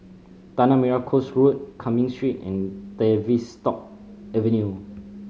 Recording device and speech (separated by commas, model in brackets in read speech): mobile phone (Samsung C5010), read sentence